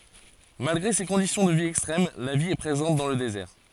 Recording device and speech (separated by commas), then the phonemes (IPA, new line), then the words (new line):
forehead accelerometer, read sentence
malɡʁe se kɔ̃disjɔ̃ də vi ɛkstʁɛm la vi ɛ pʁezɑ̃t dɑ̃ lə dezɛʁ
Malgré ces conditions de vie extrêmes, la vie est présente dans le désert.